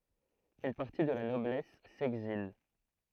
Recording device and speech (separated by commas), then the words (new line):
throat microphone, read sentence
Une partie de la noblesse s'exile.